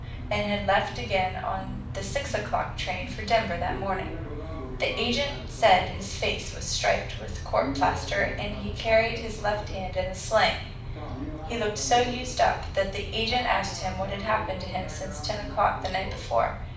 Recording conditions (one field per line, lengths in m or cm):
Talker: one person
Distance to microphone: 5.8 m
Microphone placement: far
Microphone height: 1.8 m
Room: medium-sized (5.7 m by 4.0 m)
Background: television